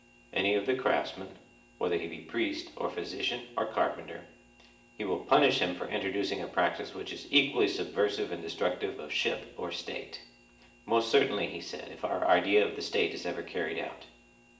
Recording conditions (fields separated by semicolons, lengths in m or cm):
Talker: one person; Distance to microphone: 1.8 m; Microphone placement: close; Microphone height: 1.0 m; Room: large; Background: none